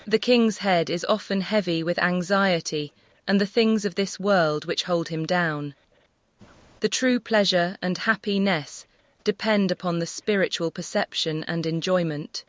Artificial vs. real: artificial